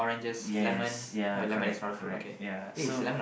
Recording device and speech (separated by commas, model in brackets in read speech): boundary microphone, conversation in the same room